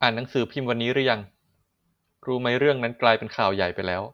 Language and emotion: Thai, neutral